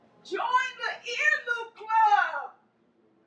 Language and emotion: English, surprised